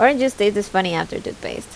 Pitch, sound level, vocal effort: 205 Hz, 81 dB SPL, normal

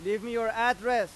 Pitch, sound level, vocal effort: 235 Hz, 101 dB SPL, very loud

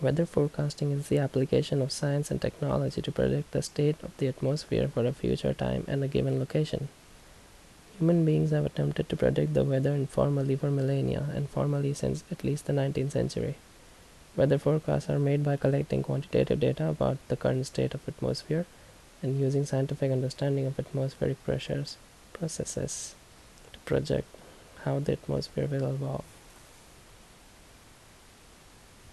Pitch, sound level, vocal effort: 135 Hz, 72 dB SPL, soft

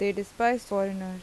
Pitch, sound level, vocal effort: 200 Hz, 86 dB SPL, normal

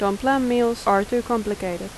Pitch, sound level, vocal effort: 230 Hz, 83 dB SPL, normal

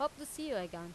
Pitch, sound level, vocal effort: 290 Hz, 90 dB SPL, loud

